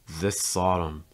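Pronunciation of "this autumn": In 'this autumn', the s at the end of 'this' links to the a at the start of 'autumn'.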